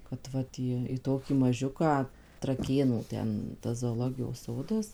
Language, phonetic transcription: Lithuanian, kad ˈvat į į ˈtokį maˈžiuką traˈkėnų ˈten tas zooˈlogijos ˈsodas

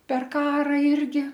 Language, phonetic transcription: Lithuanian, per ˈkara ˈirgi

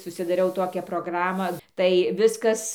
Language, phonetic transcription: Lithuanian, susidaˈriau ˈtokią proˈgramą tai ˈviskas

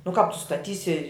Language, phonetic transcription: Lithuanian, nu kāp tu staˈtysi

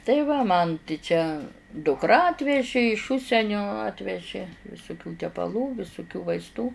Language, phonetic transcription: Lithuanian, tai ˈva man ti ˈčia dukˈra atveži iš ˈužsenio ˈatveži visuˈkių tepaˈlų visuˈkių vaisˈtų

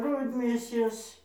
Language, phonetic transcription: Lithuanian, ˈrudmėsės

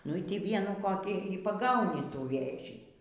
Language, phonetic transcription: Lithuanian, nu ˈy ˈtį ˈvienų koˈkį y paˈgauni ˈtų ˈvėžį

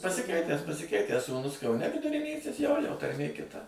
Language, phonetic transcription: Lithuanian, pasiˈkeitęs pasiˈkeitęs sūˈnus kauˈne viduriˈnysis ˈjojo tarˈmė kiˈta

